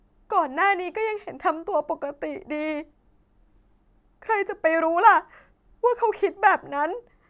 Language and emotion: Thai, sad